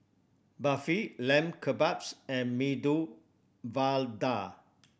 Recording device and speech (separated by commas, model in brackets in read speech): boundary microphone (BM630), read sentence